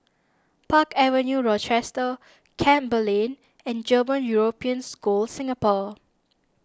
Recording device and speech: standing microphone (AKG C214), read sentence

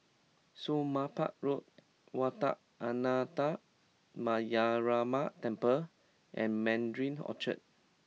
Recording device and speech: mobile phone (iPhone 6), read sentence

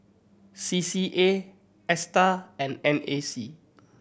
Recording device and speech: boundary microphone (BM630), read sentence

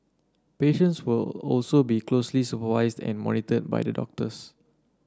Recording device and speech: standing microphone (AKG C214), read sentence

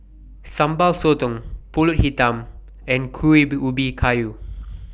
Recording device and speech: boundary microphone (BM630), read sentence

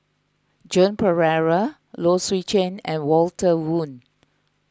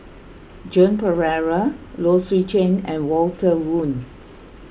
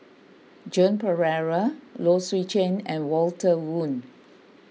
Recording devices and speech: close-talking microphone (WH20), boundary microphone (BM630), mobile phone (iPhone 6), read sentence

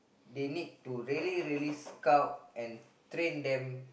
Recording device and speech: boundary microphone, conversation in the same room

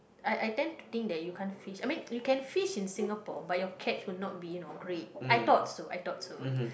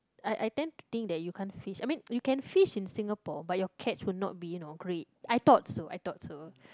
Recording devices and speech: boundary microphone, close-talking microphone, conversation in the same room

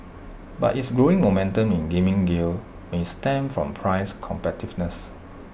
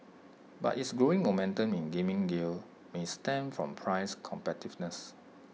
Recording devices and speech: boundary microphone (BM630), mobile phone (iPhone 6), read sentence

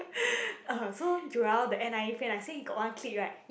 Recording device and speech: boundary microphone, conversation in the same room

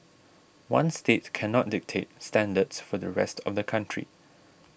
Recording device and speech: boundary microphone (BM630), read sentence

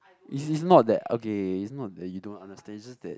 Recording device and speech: close-talking microphone, conversation in the same room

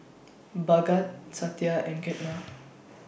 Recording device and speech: boundary microphone (BM630), read sentence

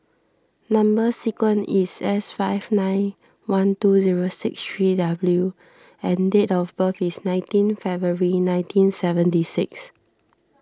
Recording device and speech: standing microphone (AKG C214), read sentence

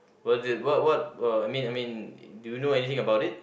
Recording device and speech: boundary microphone, conversation in the same room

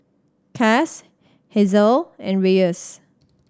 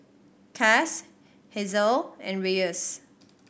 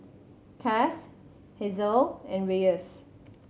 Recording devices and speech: standing microphone (AKG C214), boundary microphone (BM630), mobile phone (Samsung C7100), read sentence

